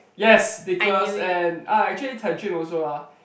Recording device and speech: boundary microphone, conversation in the same room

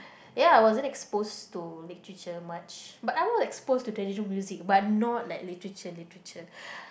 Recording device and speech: boundary microphone, conversation in the same room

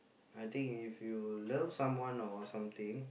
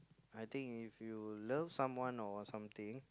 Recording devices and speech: boundary microphone, close-talking microphone, conversation in the same room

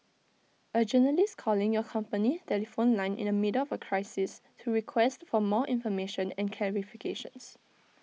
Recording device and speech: mobile phone (iPhone 6), read sentence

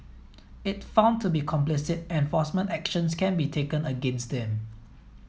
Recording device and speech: mobile phone (iPhone 7), read sentence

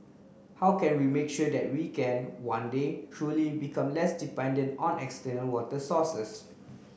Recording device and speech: boundary microphone (BM630), read sentence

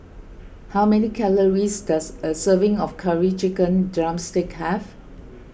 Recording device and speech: boundary microphone (BM630), read sentence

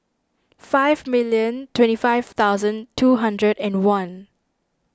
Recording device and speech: standing microphone (AKG C214), read sentence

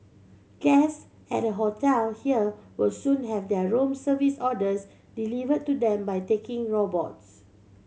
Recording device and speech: mobile phone (Samsung C7100), read sentence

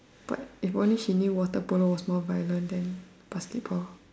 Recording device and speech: standing microphone, conversation in separate rooms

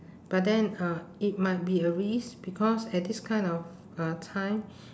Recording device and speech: standing microphone, conversation in separate rooms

